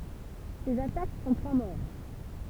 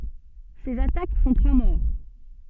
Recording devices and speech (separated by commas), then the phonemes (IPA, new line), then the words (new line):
temple vibration pickup, soft in-ear microphone, read sentence
sez atak fɔ̃ tʁwa mɔʁ
Ces attaques font trois morts.